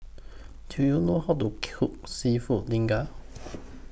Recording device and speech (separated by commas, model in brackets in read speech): boundary microphone (BM630), read sentence